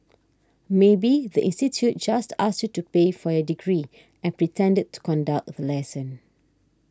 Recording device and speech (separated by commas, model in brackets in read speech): standing microphone (AKG C214), read sentence